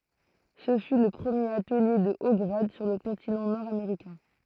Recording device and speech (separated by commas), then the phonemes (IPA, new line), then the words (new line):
throat microphone, read sentence
sə fy lə pʁəmjeʁ atəlje də o ɡʁad syʁ lə kɔ̃tinɑ̃ nɔʁdameʁikɛ̃
Ce fut le premier atelier de hauts grades sur le continent nord-américain.